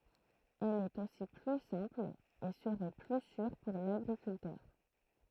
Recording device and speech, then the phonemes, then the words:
throat microphone, read sentence
ɛl ɛt osi ply sɛ̃pl e səʁɛ ply syʁ puʁ laɡʁikyltœʁ
Elle est aussi plus simple et serait plus sûre pour l'agriculteur.

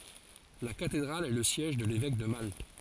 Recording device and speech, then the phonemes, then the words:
forehead accelerometer, read sentence
la katedʁal ɛ lə sjɛʒ də levɛk də malt
La Cathédrale est le siège de l'évêque de Malte.

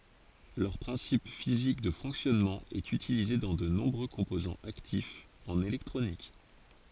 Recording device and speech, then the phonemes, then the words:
forehead accelerometer, read sentence
lœʁ pʁɛ̃sip fizik də fɔ̃ksjɔnmɑ̃ ɛt ytilize dɑ̃ də nɔ̃bʁø kɔ̃pozɑ̃z aktifz ɑ̃n elɛktʁonik
Leur principe physique de fonctionnement est utilisé dans de nombreux composants actifs en électronique.

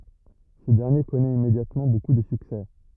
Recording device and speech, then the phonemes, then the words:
rigid in-ear microphone, read sentence
sə dɛʁnje kɔnɛt immedjatmɑ̃ boku də syksɛ
Ce dernier connaît immédiatement beaucoup de succès.

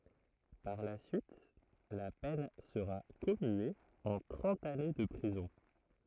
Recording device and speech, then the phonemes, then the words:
throat microphone, read sentence
paʁ la syit la pɛn səʁa kɔmye ɑ̃ tʁɑ̃t ane də pʁizɔ̃
Par la suite, la peine sera commuée en trente années de prison.

